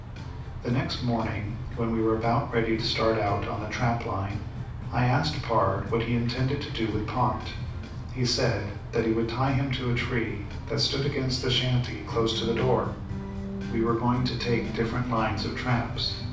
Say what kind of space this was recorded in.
A moderately sized room (about 5.7 m by 4.0 m).